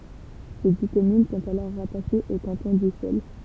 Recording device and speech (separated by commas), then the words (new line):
temple vibration pickup, read sentence
Ses dix communes sont alors rattachées au canton d'Ussel.